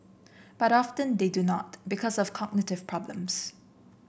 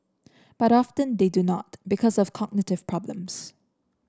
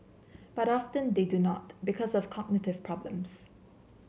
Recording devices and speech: boundary microphone (BM630), standing microphone (AKG C214), mobile phone (Samsung C7), read sentence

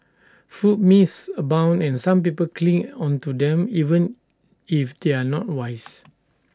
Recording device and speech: standing microphone (AKG C214), read sentence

